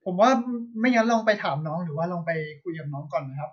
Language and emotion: Thai, neutral